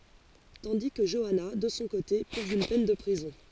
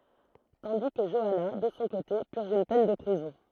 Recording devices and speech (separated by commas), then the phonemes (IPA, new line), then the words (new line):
forehead accelerometer, throat microphone, read sentence
tɑ̃di kə ʒɔana də sɔ̃ kote pyʁʒ yn pɛn də pʁizɔ̃
Tandis que Joanna, de son côté, purge une peine de prison.